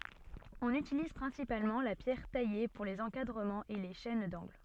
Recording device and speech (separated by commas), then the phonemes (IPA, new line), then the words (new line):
soft in-ear microphone, read sentence
ɔ̃n ytiliz pʁɛ̃sipalmɑ̃ la pjɛʁ taje puʁ lez ɑ̃kadʁəmɑ̃z e le ʃɛn dɑ̃ɡl
On utilise principalement la pierre taillée pour les encadrements et les chaînes d'angles.